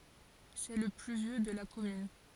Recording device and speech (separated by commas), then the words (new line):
forehead accelerometer, read sentence
C’est le plus vieux de la commune.